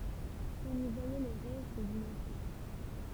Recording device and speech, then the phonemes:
temple vibration pickup, read sentence
ɔ̃n i vwajɛ le ʁɛst dyn ɑ̃sɛ̃t

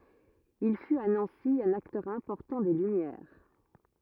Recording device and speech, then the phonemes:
rigid in-ear microphone, read sentence
il fyt a nɑ̃si œ̃n aktœʁ ɛ̃pɔʁtɑ̃ de lymjɛʁ

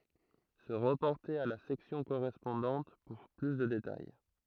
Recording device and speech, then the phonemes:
throat microphone, read sentence
sə ʁəpɔʁte a la sɛksjɔ̃ koʁɛspɔ̃dɑ̃t puʁ ply də detaj

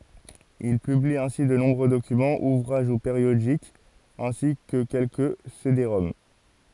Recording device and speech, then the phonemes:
forehead accelerometer, read sentence
il pybli ɛ̃si də nɔ̃bʁø dokymɑ̃z uvʁaʒ u peʁjodikz ɛ̃si kə kɛlkə sedeʁɔm

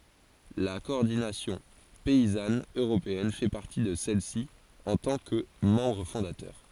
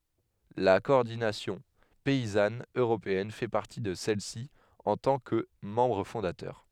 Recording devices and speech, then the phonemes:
forehead accelerometer, headset microphone, read sentence
la kɔɔʁdinasjɔ̃ pɛizan øʁopeɛn fɛ paʁti də sɛlɛsi ɑ̃ tɑ̃ kə mɑ̃bʁ fɔ̃datœʁ

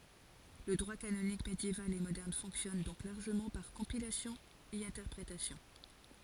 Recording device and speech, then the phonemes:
forehead accelerometer, read sentence
lə dʁwa kanonik medjeval e modɛʁn fɔ̃ksjɔn dɔ̃k laʁʒəmɑ̃ paʁ kɔ̃pilasjɔ̃ e ɛ̃tɛʁpʁetasjɔ̃

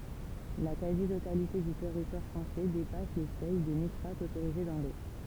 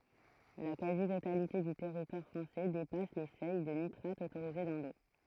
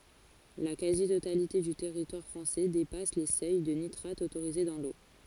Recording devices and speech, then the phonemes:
temple vibration pickup, throat microphone, forehead accelerometer, read sentence
la kazi totalite dy tɛʁitwaʁ fʁɑ̃sɛ depas le sœj də nitʁat otoʁize dɑ̃ lo

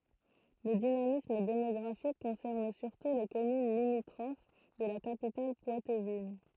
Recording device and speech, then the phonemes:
throat microphone, read sentence
lə dinamism demɔɡʁafik kɔ̃sɛʁn syʁtu le kɔmyn limitʁof də la kapital pwatvin

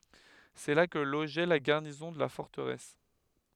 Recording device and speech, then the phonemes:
headset microphone, read sentence
sɛ la kə loʒɛ la ɡaʁnizɔ̃ də la fɔʁtəʁɛs

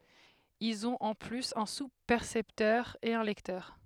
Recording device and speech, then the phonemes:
headset microphone, read sentence
ilz ɔ̃t ɑ̃ plyz œ̃ suspɛʁsɛptœʁ e œ̃ lɛktœʁ

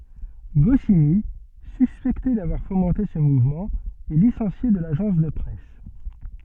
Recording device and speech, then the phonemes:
soft in-ear microphone, read sentence
ɡɔsini syspɛkte davwaʁ fomɑ̃te sə muvmɑ̃ ɛ lisɑ̃sje də laʒɑ̃s də pʁɛs

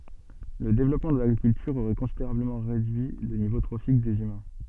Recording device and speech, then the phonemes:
soft in-ear microphone, read sentence
lə devlɔpmɑ̃ də laɡʁikyltyʁ oʁɛ kɔ̃sideʁabləmɑ̃ ʁedyi lə nivo tʁofik dez ymɛ̃

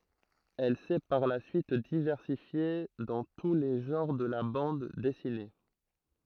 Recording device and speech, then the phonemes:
throat microphone, read sentence
ɛl sɛ paʁ la syit divɛʁsifje dɑ̃ tu le ʒɑ̃ʁ də la bɑ̃d dɛsine

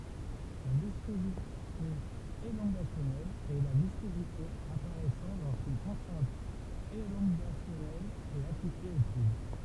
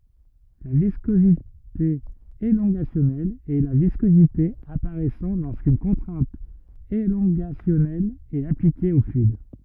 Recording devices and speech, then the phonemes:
temple vibration pickup, rigid in-ear microphone, read sentence
la viskozite elɔ̃ɡasjɔnɛl ɛ la viskozite apaʁɛsɑ̃ loʁskyn kɔ̃tʁɛ̃t elɔ̃ɡasjɔnɛl ɛt aplike o flyid

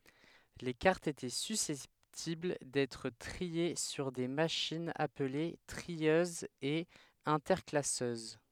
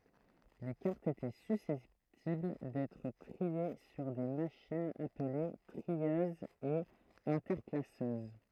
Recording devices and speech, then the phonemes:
headset microphone, throat microphone, read sentence
le kaʁtz etɛ sysɛptibl dɛtʁ tʁie syʁ de maʃinz aple tʁiøzz e ɛ̃tɛʁklasøz

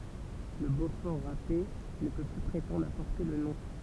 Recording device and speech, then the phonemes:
temple vibration pickup, read sentence
lə bofɔʁ ʁape nə pø ply pʁetɑ̃dʁ a pɔʁte lə nɔ̃

